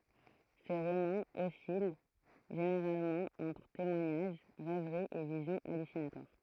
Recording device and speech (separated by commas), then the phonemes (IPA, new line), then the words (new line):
throat microphone, read sentence
se ʁomɑ̃z ɔsil ʒeneʁalmɑ̃ ɑ̃tʁ temwaɲaʒ ʁɛvʁi e vizjɔ̃ alysinatwaʁ
Ses romans oscillent généralement entre témoignage, rêverie et visions hallucinatoires.